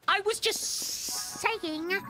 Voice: Funny Voice